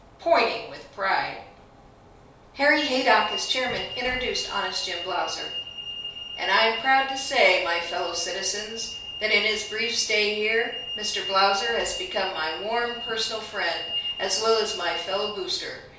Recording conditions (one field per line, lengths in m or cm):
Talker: one person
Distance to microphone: 3.0 m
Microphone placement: far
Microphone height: 1.8 m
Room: small (3.7 m by 2.7 m)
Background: none